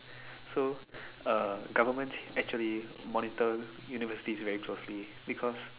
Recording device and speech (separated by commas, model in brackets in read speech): telephone, conversation in separate rooms